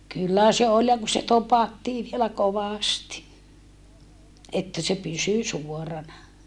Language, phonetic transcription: Finnish, kyllä se ol ja ku se topattii vielä kovàsti , että se pysy suorana .
- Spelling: kyllä se oli ja kun se topattiin vielä kovasti että se pysyi suorana

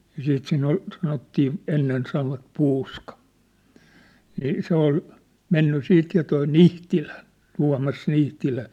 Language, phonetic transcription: Finnish, ja 'siit siin ‿ol , sanottii , 'ennen sanovat 'puuska , nii 'se ‿ol , 'menny 'siit ja toi "Nihtilä , 'Tua̭mas 'Nihtilä .
- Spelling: ja sitten siinä oli sanottiin ennen sanoivat puuska niin se oli mennyt sitten ja tuo Nihtilä Tuomas Nihtilä

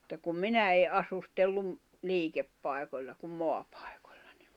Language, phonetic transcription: Finnish, [mut]ta kum "minä e ’asustelluin , 'liikeppài̬koĺla kum 'moapᴀᴇᴋoʟ̀ʟᴀ ɴɪ ,.
- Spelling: mutta kun minä en asustellut liikepaikoilla kun maapaikoilla niin

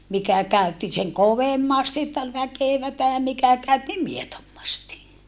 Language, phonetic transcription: Finnish, mikä käy̬tti seŋ kovemmasti että ol väkèvätä mikä käytti mietommasti .
- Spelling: mikä käytti sen kovemmasti että oli väkevää mikä käytti miedommasti

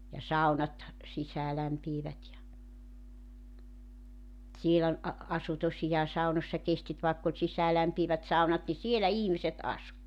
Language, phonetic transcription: Finnish, ja 'sau̬nat , 'sisäälämpiivät ja , 'siel ‿ol , ,a- , 'asu tosijaa 'saunośsa 'kestit vàekk ‿oĺ 'sisäälämpiivät 'saunat ni "sielä "ihmiset "asu .
- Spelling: ja saunat sisäänlämpiävät ja siellä oli - asui tosiaan saunoissa kestit vaikka oli sisäänlämpiävät saunat niin siellä ihmiset asui

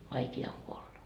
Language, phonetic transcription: Finnish, 'vaiki₍a oŋ kuolla .
- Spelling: vaikea on kuolla

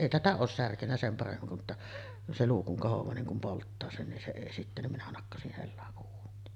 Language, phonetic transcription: Finnish, 'èi 'tätä oos "särkennä sem paremmim (mutta) , 'se "luu kuŋ kohov̀aa niŋ kum 'polttaa 'sen nin se 'èi sittä , nim minä 'nakkasih hellaˀ ˀuun̆niin .
- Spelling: ei tätä ole särkenyt sen paremmin mutta se luu kun kohoaa niin kun polttaa sen niin se ei sitten niin minä nakkasin hellan uuniin

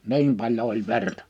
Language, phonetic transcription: Finnish, niim paĺjo ol 'vertᴀ .
- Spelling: niin paljon oli verta

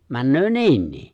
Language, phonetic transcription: Finnish, 'männöö "ni̬innii .
- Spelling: menee niinkin

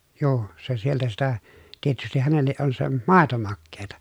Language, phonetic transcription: Finnish, juu , se sieltä sitä , tietystih hänelleʼ ʼon se , màeto makkeeta .
- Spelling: juu se sieltä sitä tietysti hänelle on se maito makeaa

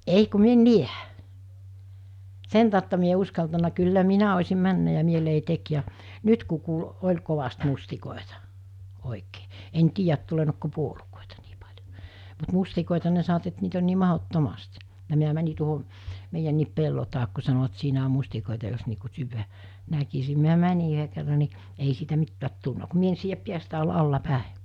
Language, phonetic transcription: Finnish, 'ei ku mi ‿en "niä , 'sen tàutta mi ‿e ‿o 'uskaltana kyllä 'minä os̜im 'männä ja 'mielei 'tek ja , 'nyt ku kuul , 'oĺ kovast 'mustikòeta , òikee , en 'tiijät tulenookko 'puolukòeta nii pa(ĺjo) , mut 'mustikòeta ne sanovᵃt et niit ‿on nii 'mahot'tomast , ja mi(n)ä mäni tuoho , 'meijänniip pello taak ku sanoᵛᵃt 'siinä om̆ mustikòita jos nii ku 'syyvä , 'näkisi miä 'män̜i yɦe kerra ni , ei siitä 'mittäät tulna ku 'mie ‿en siijäp 'piästä̀e olla 'alla'pä̀e .
- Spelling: ei kun minä en näe sen tautta minä en ole uskaltanut kyllä minä olisin mennyt ja mieleni teki ja nyt kun kuuli oli kovasti mustikoita oikein en tiedä tulleeko puolukoita niin paljon mutta mustikoita ne sanovat että niitä on niin mahdottomasti ja minä menin tuohon meidänkin pellon taakse kun sanovat siinä on mustikoita jos niin kuin syödä näkisi minä menin yhden kerran niin ei siitä mitään tullut kun minä en siedä päästäni olla alaspäin

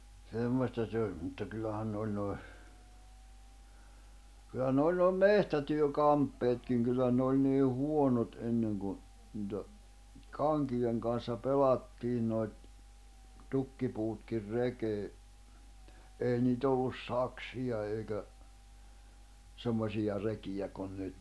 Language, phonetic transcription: Finnish, 'semmosta se 'oĺ , mutta kyllähän ne 'oĺ nòi̬ , kyllä ne oĺ nòi̬ "mehtätyö'kamppeetkiŋ kyllä ne oĺ nii 'huonot '’enneŋ kun̬ , nⁱtä , "kaŋkijeŋ kan̬ssa "pelattiin noiᵗ , 'tukkipuutkir 'rekee , èi nii't ‿ollus 'saksija èikä , 'semmosija 'rekijä kun 'nyt .
- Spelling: semmoista se oli mutta kyllähän ne oli nuo kyllä ne oli nuo metsätyökamppeetkin kyllä ne oli niin huonot ennen kun niitä kankien kanssa pelattiin noita tukkipuutkin rekeen ei niitä ollut saksia eikä semmoisia rekiä kuin nyt

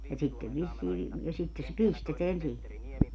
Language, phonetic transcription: Finnish, ja sittev vissii vi- , ja 'sitte se "pisteteän 'sii(hi) .
- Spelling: ja sitten vissiin - ja sitten se pistetään siihen

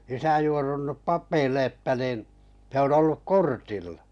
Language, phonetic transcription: Finnish, isä 'juorunnup ’pap̆peille että nìn , se on 'olluk "kortillᴀ .
- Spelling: isä juorunnut papeille että niin se on ollut kortilla

